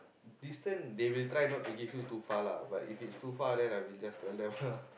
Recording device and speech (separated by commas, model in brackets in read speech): boundary microphone, conversation in the same room